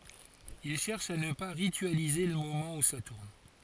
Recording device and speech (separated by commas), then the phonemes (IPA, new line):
forehead accelerometer, read sentence
il ʃɛʁʃ a nə pa ʁityalize lə momɑ̃ u sa tuʁn